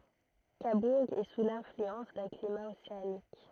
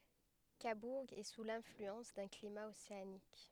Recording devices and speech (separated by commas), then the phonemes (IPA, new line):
throat microphone, headset microphone, read sentence
kabuʁ ɛ su lɛ̃flyɑ̃s dœ̃ klima oseanik